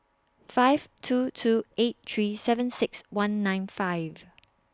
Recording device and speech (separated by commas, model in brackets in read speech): standing microphone (AKG C214), read sentence